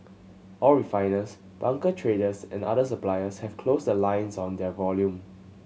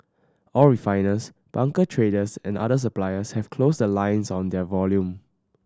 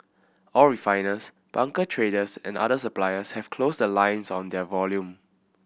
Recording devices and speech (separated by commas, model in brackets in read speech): mobile phone (Samsung C7100), standing microphone (AKG C214), boundary microphone (BM630), read sentence